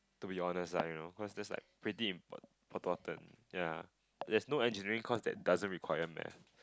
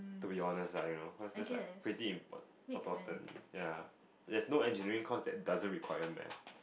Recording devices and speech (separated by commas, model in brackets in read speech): close-talking microphone, boundary microphone, conversation in the same room